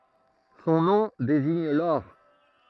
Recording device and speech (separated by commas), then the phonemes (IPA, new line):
throat microphone, read sentence
sɔ̃ nɔ̃ deziɲ lɔʁ